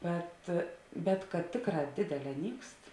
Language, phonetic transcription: Lithuanian, ˈbet bet kad ˈtėkˌrā ˈdėdeˌlē ˈnykst

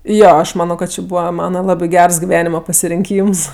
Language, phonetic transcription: Lithuanian, ˈjo ˈaš ˈmano kad ˈči ˈbūva ˈmana ˈlabi ˈgers giˈvenima pasirinˈkyms

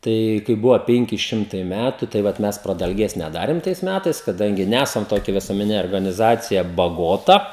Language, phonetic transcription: Lithuanian, ˈtai kai ˈbuvo ˈpenki ˈšimtai ˈmætu tai ˈvat ˈmes pradalˈgės neˈdarėm tais ˈmætais kaˈdangi ˈnæsam toˈkia visuomeˈnine organiˈzacija baˈgota

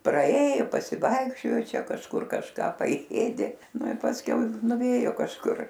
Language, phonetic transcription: Lithuanian, praˈėju pasiˈvaikščiojo ˈčia kažˈkur kažˈką paˈėdė ˈnu i pasˈkiau nuˈvėjo kažˈkur

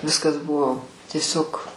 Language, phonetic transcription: Lithuanian, ˈviskas ˈbuvo tieˈsiog

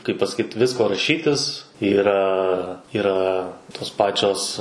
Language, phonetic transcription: Lithuanian, kaip pasaˈkyt ˈvisko raˈšytis yˈra yˈra tos ˈpačios

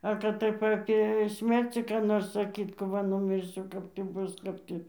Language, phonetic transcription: Lithuanian, ˈa kad ˈtaip ˈapė ˈsmercį ką ˈnors saˈkyt kap ˈva numirˈsiu ˈkap tį ˈbus ˈkap tį

